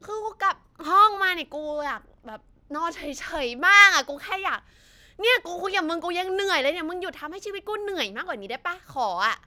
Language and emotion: Thai, frustrated